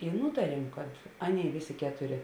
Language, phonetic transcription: Lithuanian, i ˈnūtariem kad ˈaˌnėi ˈvėˌsė ˈketuˌrė

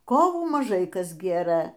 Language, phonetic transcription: Lithuanian, ˈkovų maˈžai ˈkas ˈgėrɘ

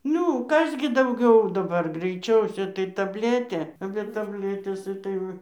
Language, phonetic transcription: Lithuanian, ˈniu ˈkas gi dauˈgiau daˈbar graiˈčiausia tai tabˈletė be tabˈletės ˈitai ˈva

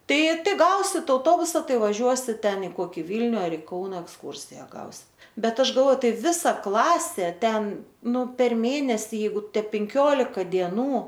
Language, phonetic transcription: Lithuanian, ˈtai ˈtai ˈgausit auˈtobusa ˈtai vaˈžiuosit ˈten i ˈkoki ˈvylniu ˈar i ˈkauna eksˈkūrsija ˈgausit ˈbet ˈaš galˈvoju ˈtai ˈvisa ˈklasė ˈten ˈnu per ˈmėnesį ˈjeigu ˈte penˈkiolika dieˈnų

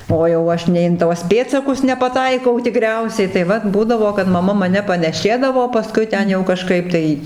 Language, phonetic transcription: Lithuanian, o jau ˈaš nei in ˈtuos ˈpėdsakus nepaˈtaikau tiˈkriausiai tai ˈvat ˈbūdavo kad maˈma maˈne paneˈšėdavo paˈskui ˈten jau kaˈžkaip tai

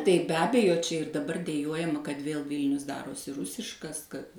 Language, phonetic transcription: Lithuanian, tai be ˈabejo ˈčia ir daˈbar deˈjuojama kad ˈvėl ˈvylnius ˈdarosi ˈrusiškas kad

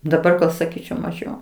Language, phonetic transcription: Lithuanian, daˈbar gal saˈkyčiau maˈžiau

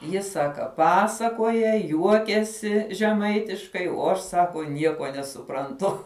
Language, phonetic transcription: Lithuanian, ˈji ˈsaka ˈpasakoja ˈjuokiasi žeˈmaitiškai o ˈaš ˈsako ˈnieko nesupranˈtu

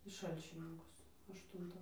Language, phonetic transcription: Lithuanian, į ˈšalčininkus ašˈtuntą

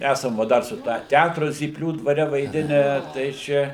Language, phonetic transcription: Lithuanian, ˈæsam ˈva ˈdar su ˈtą ˈtætru zypˈlių dvaˈre vaiˈdinę tai ˈčia

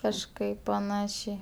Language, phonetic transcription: Lithuanian, kažˈkaip paˈnašiai

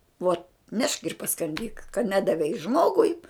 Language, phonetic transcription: Lithuanian, uot nešk ir paskanˈdyk ka ˈnedavei ˈžmogui

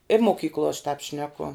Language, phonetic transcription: Lithuanian, i moˈkyklo aš tāp ˈšneku

